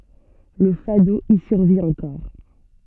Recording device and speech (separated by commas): soft in-ear microphone, read sentence